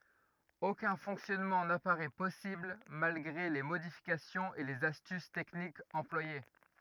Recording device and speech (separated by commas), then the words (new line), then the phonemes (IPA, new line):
rigid in-ear microphone, read sentence
Aucun fonctionnement n'apparaît possible malgré les modifications et les astuces techniques employées.
okœ̃ fɔ̃ksjɔnmɑ̃ napaʁɛ pɔsibl malɡʁe le modifikasjɔ̃z e lez astys tɛknikz ɑ̃plwaje